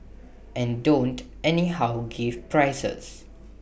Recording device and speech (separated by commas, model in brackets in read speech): boundary microphone (BM630), read sentence